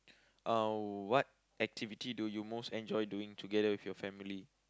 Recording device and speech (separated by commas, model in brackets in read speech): close-talking microphone, conversation in the same room